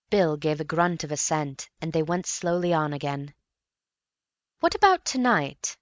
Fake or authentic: authentic